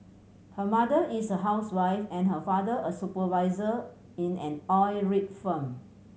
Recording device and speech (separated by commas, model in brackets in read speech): mobile phone (Samsung C7100), read sentence